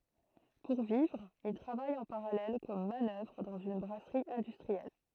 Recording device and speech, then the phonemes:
throat microphone, read sentence
puʁ vivʁ il tʁavaj ɑ̃ paʁalɛl kɔm manœvʁ dɑ̃z yn bʁasʁi ɛ̃dystʁiɛl

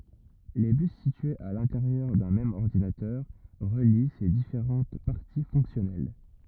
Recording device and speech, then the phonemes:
rigid in-ear microphone, read sentence
le bys sityez a lɛ̃teʁjœʁ dœ̃ mɛm ɔʁdinatœʁ ʁəli se difeʁɑ̃t paʁti fɔ̃ksjɔnɛl

